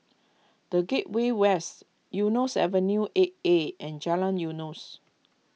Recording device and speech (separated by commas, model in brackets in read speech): mobile phone (iPhone 6), read sentence